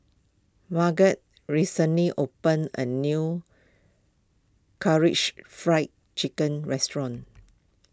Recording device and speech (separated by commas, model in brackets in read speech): close-talking microphone (WH20), read sentence